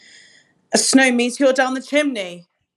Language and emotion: English, sad